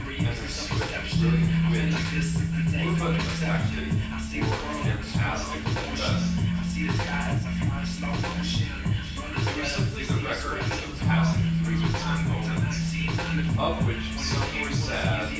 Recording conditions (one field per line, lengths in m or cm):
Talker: one person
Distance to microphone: 9.8 m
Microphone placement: far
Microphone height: 1.8 m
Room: large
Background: music